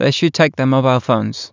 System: none